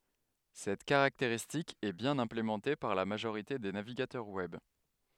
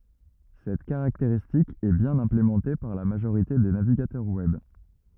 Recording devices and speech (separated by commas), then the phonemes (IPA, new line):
headset microphone, rigid in-ear microphone, read sentence
sɛt kaʁakteʁistik ɛ bjɛ̃n ɛ̃plemɑ̃te paʁ la maʒoʁite de naviɡatœʁ wɛb